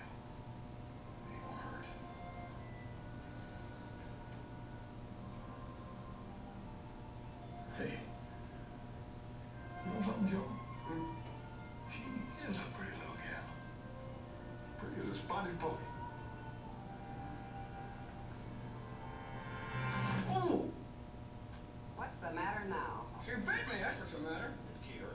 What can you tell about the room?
A medium-sized room (about 5.7 m by 4.0 m).